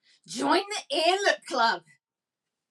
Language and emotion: English, disgusted